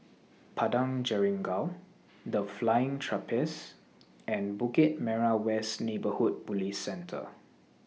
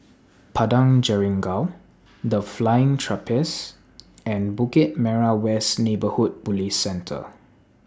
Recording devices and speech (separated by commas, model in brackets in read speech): mobile phone (iPhone 6), standing microphone (AKG C214), read sentence